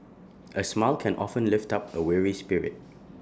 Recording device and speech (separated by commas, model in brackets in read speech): standing microphone (AKG C214), read sentence